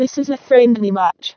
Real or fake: fake